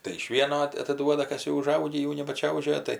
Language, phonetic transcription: Lithuanian, tai iš ˈvieno at ataˈduoda ˈkas jau uˈžaugį ˈjau nebaˈčiaužioja ˈtai

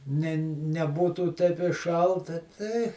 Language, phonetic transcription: Lithuanian, ˈne neˈbūtų teip i ˈšalta tei

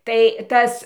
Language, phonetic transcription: Lithuanian, tai ˈtas

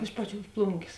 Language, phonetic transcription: Lithuanian, ˈiš paˌčiuos ˈplungės

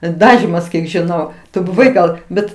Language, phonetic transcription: Lithuanian, ˈdažymas kiek žiˈnau tu buˈvai ˈgal ˈbet

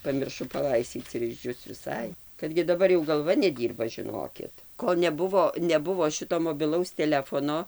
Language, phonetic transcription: Lithuanian, pamirˈšu paˈlaistyc ir išˈdžius viˈsai kad gi daˈbar jau galˈva neˈdyrba žiˈnokit ˈkol neˈbuvo neˈbuvo ˈšito mobiˈlaus teˈlefono

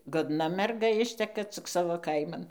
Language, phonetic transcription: Lithuanian, godˈna merˈga ˈišteka cik ˈsavo ˈkaiman

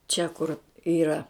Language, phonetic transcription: Lithuanian, čia kur ˈyra

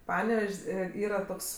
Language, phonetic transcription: Lithuanian, ˈpanevež's' ˈė ˈyra ˈtoks

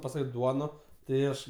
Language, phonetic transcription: Lithuanian, paˈsakė ˈduono tai ˈaš

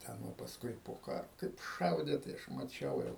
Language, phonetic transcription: Lithuanian, ˈten va pasˈkui po ˈkaro kaip ˈšaudė tai ˈaš maˈčiau jau

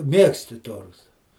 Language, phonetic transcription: Lithuanian, ˈmiegsti ˈtorta

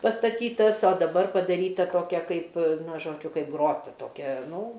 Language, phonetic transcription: Lithuanian, pastaˈtytas o daˈbar padaˈryta ˈtokia ˈkaip ˈna ˈžodžiu ˈkaip ˈgrota toˈkia ˈnū

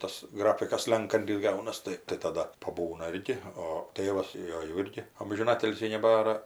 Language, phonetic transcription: Lithuanian, ˈtas ˈgrafikas ˈslenkantis ˈgaunas ˈtai tai taˈda paˈbūna ˈirgi o ˈtėvas ˈjo jau ˈirgi amžiˈnatilsį neˈbara

